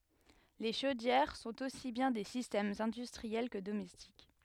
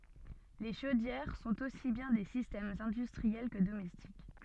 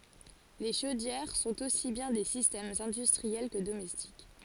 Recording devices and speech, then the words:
headset microphone, soft in-ear microphone, forehead accelerometer, read sentence
Les chaudières sont aussi bien des systèmes industriels que domestiques.

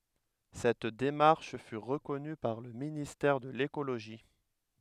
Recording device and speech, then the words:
headset microphone, read sentence
Cette démarche fut reconnue par le ministère de l’écologie.

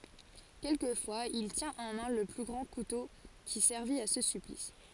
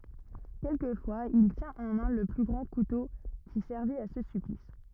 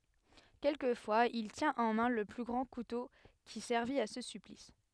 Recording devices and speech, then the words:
forehead accelerometer, rigid in-ear microphone, headset microphone, read sentence
Quelquefois, il tient en main le grand couteau qui servit à ce supplice.

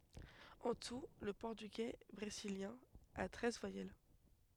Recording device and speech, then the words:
headset microphone, read sentence
En tout, le portugais brésilien a treize voyelles.

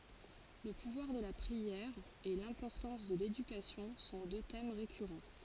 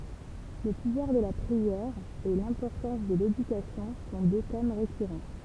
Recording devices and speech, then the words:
forehead accelerometer, temple vibration pickup, read sentence
Le pouvoir de la prière et l'importance de l'éducation sont deux thèmes récurrents.

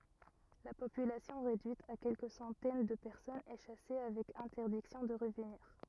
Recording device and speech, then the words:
rigid in-ear microphone, read sentence
La population réduite à quelques centaines de personnes est chassée avec interdiction de revenir.

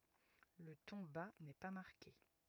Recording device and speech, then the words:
rigid in-ear microphone, read sentence
Le ton bas n’est pas marqué.

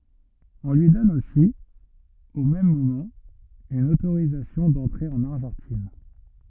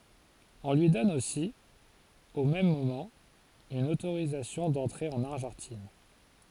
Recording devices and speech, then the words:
rigid in-ear microphone, forehead accelerometer, read sentence
On lui donne aussi, au même moment, une autorisation d'entrer en Argentine.

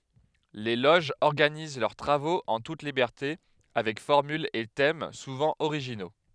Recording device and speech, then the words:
headset microphone, read sentence
Les loges organisent leurs travaux en toute liberté avec formules et thèmes souvent originaux.

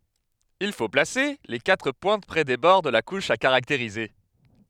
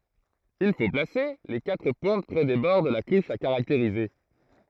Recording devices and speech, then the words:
headset microphone, throat microphone, read sentence
Il faut placer les quatre pointes près des bords de la couche à caractériser.

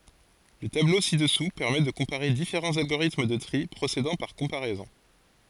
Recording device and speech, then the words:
forehead accelerometer, read sentence
Le tableau ci-dessous permet de comparer différents algorithmes de tri procédant par comparaisons.

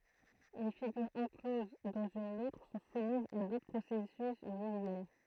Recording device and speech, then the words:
throat microphone, read sentence
Les figures encloses dans une autre sont soumises à d'autres processus visuels.

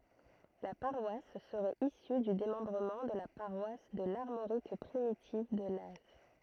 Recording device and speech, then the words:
throat microphone, read sentence
La paroisse serait issue du démembrement de la paroisse de l'Armorique primitive de Laz.

